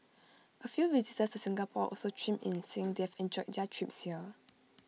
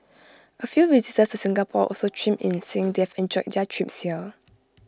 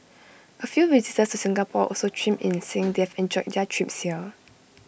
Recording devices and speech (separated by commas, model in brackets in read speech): mobile phone (iPhone 6), close-talking microphone (WH20), boundary microphone (BM630), read sentence